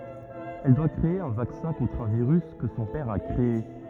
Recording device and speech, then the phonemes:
rigid in-ear microphone, read sentence
ɛl dwa kʁee œ̃ vaksɛ̃ kɔ̃tʁ œ̃ viʁys kə sɔ̃ pɛʁ a kʁee

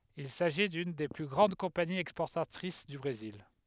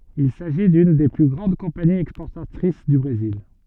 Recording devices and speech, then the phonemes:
headset microphone, soft in-ear microphone, read sentence
il saʒi dyn de ply ɡʁɑ̃d kɔ̃paniz ɛkspɔʁtatʁis dy bʁezil

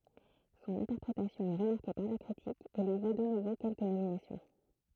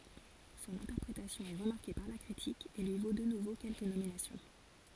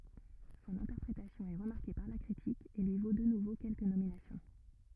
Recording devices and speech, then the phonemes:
throat microphone, forehead accelerometer, rigid in-ear microphone, read sentence
sɔ̃n ɛ̃tɛʁpʁetasjɔ̃ ɛ ʁəmaʁke paʁ la kʁitik e lyi vo də nuvo kɛlkə nominasjɔ̃

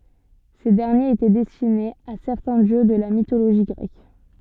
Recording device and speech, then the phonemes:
soft in-ear microphone, read sentence
se dɛʁnjez etɛ dɛstinez a sɛʁtɛ̃ djø də la mitoloʒi ɡʁɛk

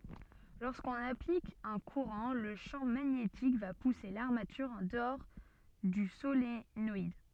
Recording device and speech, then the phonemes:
soft in-ear microphone, read sentence
loʁskɔ̃n aplik œ̃ kuʁɑ̃ lə ʃɑ̃ maɲetik va puse laʁmatyʁ ɑ̃ dəɔʁ dy solenɔid

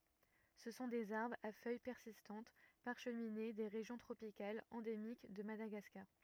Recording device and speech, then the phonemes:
rigid in-ear microphone, read sentence
sə sɔ̃ dez aʁbʁz a fœj pɛʁsistɑ̃t paʁʃmine de ʁeʒjɔ̃ tʁopikalz ɑ̃demik də madaɡaskaʁ

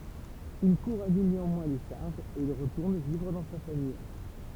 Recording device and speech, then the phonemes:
temple vibration pickup, read sentence
yn kuʁ anyl neɑ̃mwɛ̃ le ʃaʁʒz e il ʁətuʁn vivʁ dɑ̃ sa famij

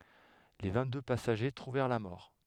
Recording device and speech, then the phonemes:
headset microphone, read sentence
le vɛ̃tdø pasaʒe tʁuvɛʁ la mɔʁ

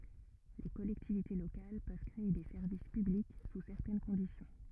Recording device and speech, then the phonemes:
rigid in-ear microphone, read sentence
le kɔlɛktivite lokal pøv kʁee de sɛʁvis pyblik su sɛʁtɛn kɔ̃disjɔ̃

